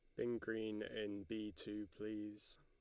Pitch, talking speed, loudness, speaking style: 105 Hz, 150 wpm, -46 LUFS, Lombard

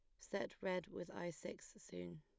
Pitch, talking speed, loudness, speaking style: 175 Hz, 180 wpm, -47 LUFS, plain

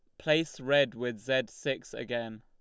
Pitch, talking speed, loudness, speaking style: 125 Hz, 165 wpm, -31 LUFS, Lombard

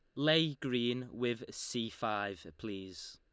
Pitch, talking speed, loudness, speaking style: 120 Hz, 125 wpm, -36 LUFS, Lombard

